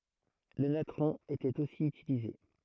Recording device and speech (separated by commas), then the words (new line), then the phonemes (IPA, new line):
throat microphone, read sentence
Le natron était aussi utilisé.
lə natʁɔ̃ etɛt osi ytilize